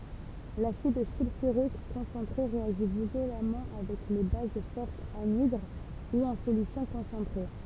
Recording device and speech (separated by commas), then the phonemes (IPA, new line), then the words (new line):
temple vibration pickup, read sentence
lasid sylfyʁik kɔ̃sɑ̃tʁe ʁeaʒi vjolamɑ̃ avɛk le baz fɔʁtz anidʁ u ɑ̃ solysjɔ̃ kɔ̃sɑ̃tʁe
L'acide sulfurique concentré réagit violemment avec les bases fortes anhydres ou en solutions concentrées.